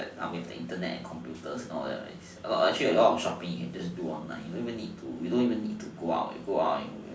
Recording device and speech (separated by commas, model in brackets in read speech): standing microphone, conversation in separate rooms